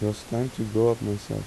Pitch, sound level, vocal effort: 115 Hz, 82 dB SPL, soft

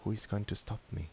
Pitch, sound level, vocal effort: 110 Hz, 74 dB SPL, soft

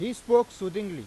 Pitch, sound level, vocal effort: 210 Hz, 100 dB SPL, very loud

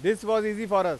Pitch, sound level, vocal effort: 210 Hz, 100 dB SPL, very loud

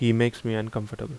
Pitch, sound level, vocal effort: 115 Hz, 79 dB SPL, normal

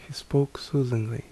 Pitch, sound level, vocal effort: 140 Hz, 70 dB SPL, soft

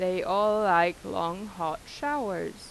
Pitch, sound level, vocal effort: 185 Hz, 90 dB SPL, normal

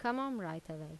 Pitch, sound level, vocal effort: 165 Hz, 85 dB SPL, normal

